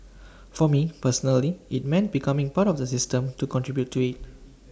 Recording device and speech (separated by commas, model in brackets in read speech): standing microphone (AKG C214), read sentence